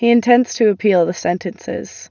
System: none